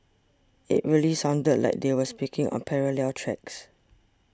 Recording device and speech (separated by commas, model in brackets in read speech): standing microphone (AKG C214), read sentence